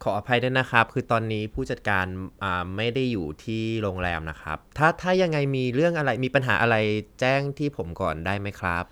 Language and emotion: Thai, neutral